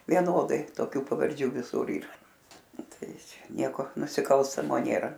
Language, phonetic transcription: Lithuanian, vieˈnodai toˈkių pavarˈdžių viˈsur ˈyra ˈtai ˈčia ˈnieko nusiˈkalstamo ˈnėra

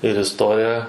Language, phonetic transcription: Lithuanian, ir isˈtorija

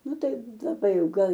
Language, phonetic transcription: Lithuanian, ˈnu ˈtai laˈbai ˈjau ˈgal

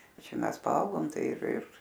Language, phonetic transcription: Lithuanian, ˈčia ˈmes paˈaugom ˈtai ir ir

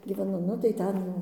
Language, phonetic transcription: Lithuanian, gyveˈnu nu tai ˈten jau

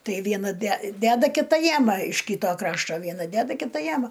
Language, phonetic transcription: Lithuanian, ˈtai ˈviena de ˈdeda kiˈta ˈjama iš ˈkyto ˈkrašto ˈviena ˈdeda ˈkita ˈjama

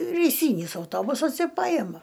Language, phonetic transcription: Lithuanian, reiˈsynis auˈtobusas ir ˈpajema

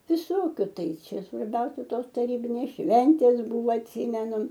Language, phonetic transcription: Lithuanian, viˈsokiu ˈtai ˈčia svarˈbiausia ˈtos taˈrybinės ˈšventės ˈbuvo atˈsymenu

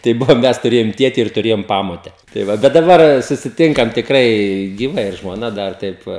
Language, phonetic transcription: Lithuanian, tai ˈbuvo ˈmes tuˈrėjom ˈtieti ir tuˈrėjom ˈpamote tai ˈva bet daˈbar susiˈtinkam tikˈrai gyˈva ir žmoˈna ˈdar ˈtaip va

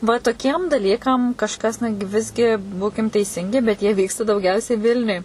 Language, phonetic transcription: Lithuanian, va toˈkiem daˈlykam kažˈkas ˈnu gi ˈvisgi ˈbūkim teiˈsingi bet ˈjie ˈvyksta dauˈgiausiai ˈvilniuj

